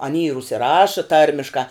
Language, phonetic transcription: Lithuanian, aˈny ir užsiˈraša ˈtarmiškā

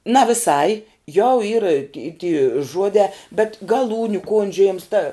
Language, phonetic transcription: Lithuanian, na viˈsai jau yr i ti ty ˈžuodē bet gaˈlūniu ˈkondžiujėms ta

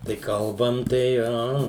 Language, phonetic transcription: Lithuanian, tai ˈkalbam tai ˈa

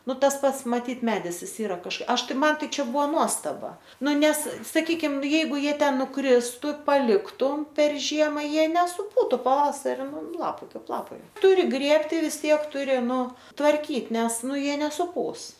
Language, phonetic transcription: Lithuanian, ˈnu ˈtas ˈpats maˈtyt ˈmedis ˈis ˈyra kaž ˈaš tai ˈman ˈtai ˈčia ˈbuvo ˈnuostaba ˈnu ˈnes saˈkykim ˈjeigu ˈjie ˈten nuˈkristu paˈliktum per ˈžiema ˈjie nesuˈpūtu paˈvasari ˈnu ˈlapai ˈkaip ˈlapai ˈturi ˈgrėbti vis ˈtiek ˈturi ˈnu tvarˈkyt ˈnes ˈnu jie nesuˈpūs

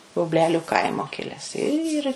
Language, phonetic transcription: Lithuanian, bubˈleliu ˈkaimo ˈkiles ir

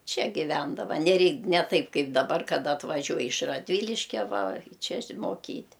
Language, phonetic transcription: Lithuanian, ˈčia giˈvendava neˈrei ne ˈtaip ˈkaip daˈbar kaˈda atvaˈžiuoj iš radˈvyliškia va ˈčia iš'moˈkyt'

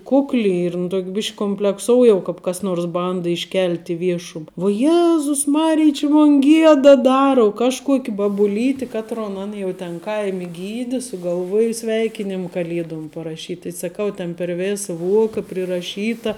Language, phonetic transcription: Lithuanian, ˈkukli ir in ˈtok' ˈbišk' kumplekˈsou jau kāp kas ˈnors ˈbanda išˈkelt' i ˈviešum vuo ˈjezus ˈmarij či mon ˈgieda ˈdara u ˈkažˌkuok' babuˈlyti ˈkatron ˈan jau ten ˈkaimi ˈgydi sugalˈvuoja ˈsveikinim kaˈliedom paraˈšyt' tai saˈkau tėn per ˈvėsa ˈvuoka priraˈšyta

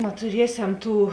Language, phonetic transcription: Lithuanian, natuˈriesem ˈtų

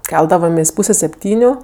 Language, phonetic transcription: Lithuanian, ˈkeldavomės' ˈpūse sepˈtyniu

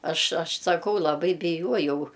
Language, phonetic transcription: Lithuanian, ˈaš ˈaš saˈkau laˈbai biˈjuojau

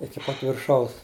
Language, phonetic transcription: Lithuanian, iki ˈpat virˈšaus

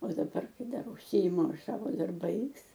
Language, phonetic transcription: Lithuanian, o daˈbar ˈkai ˈdar užˈsiimu ˈaš ˈsavo darˈbais

